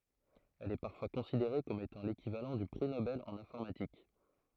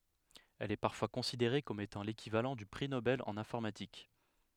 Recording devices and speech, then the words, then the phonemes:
throat microphone, headset microphone, read sentence
Elle est parfois considérée comme étant l'équivalent du prix Nobel en informatique.
ɛl ɛ paʁfwa kɔ̃sideʁe kɔm etɑ̃ lekivalɑ̃ dy pʁi nobɛl ɑ̃n ɛ̃fɔʁmatik

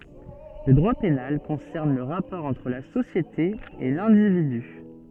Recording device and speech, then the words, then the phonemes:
soft in-ear microphone, read sentence
Le droit pénal concerne le rapport entre la société et l'individu.
lə dʁwa penal kɔ̃sɛʁn lə ʁapɔʁ ɑ̃tʁ la sosjete e lɛ̃dividy

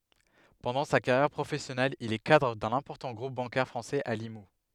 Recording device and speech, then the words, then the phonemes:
headset microphone, read sentence
Pendant sa carrière professionnelle, il est cadre d'un important groupe bancaire français à Limoux.
pɑ̃dɑ̃ sa kaʁjɛʁ pʁofɛsjɔnɛl il ɛ kadʁ dœ̃n ɛ̃pɔʁtɑ̃ ɡʁup bɑ̃kɛʁ fʁɑ̃sɛz a limu

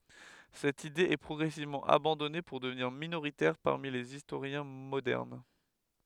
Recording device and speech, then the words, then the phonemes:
headset microphone, read sentence
Cette idée est progressivement abandonnée pour devenir minoritaire parmi les historiens modernes.
sɛt ide ɛ pʁɔɡʁɛsivmɑ̃ abɑ̃dɔne puʁ dəvniʁ minoʁitɛʁ paʁmi lez istoʁjɛ̃ modɛʁn

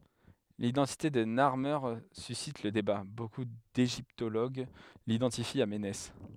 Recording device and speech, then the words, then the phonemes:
headset microphone, read sentence
L'identité de Narmer suscite le débat, beaucoup d'égyptologues l'identifient à Ménès.
lidɑ̃tite də naʁme sysit lə deba boku deʒiptoloɡ lidɑ̃tifi a menɛs

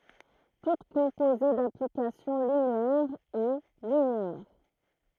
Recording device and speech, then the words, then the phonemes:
throat microphone, read sentence
Toute composée d'applications linéaires est linéaire.
tut kɔ̃poze daplikasjɔ̃ lineɛʁz ɛ lineɛʁ

